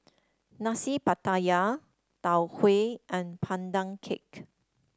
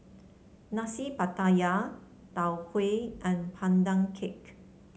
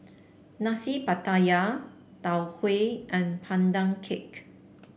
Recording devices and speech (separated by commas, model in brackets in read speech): standing microphone (AKG C214), mobile phone (Samsung C7), boundary microphone (BM630), read sentence